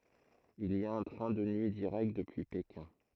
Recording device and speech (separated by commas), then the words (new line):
throat microphone, read sentence
Il y a un train de nuit direct depuis Pékin.